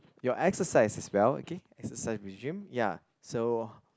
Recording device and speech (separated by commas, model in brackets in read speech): close-talking microphone, conversation in the same room